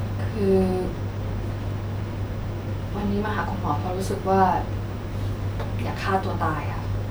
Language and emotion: Thai, sad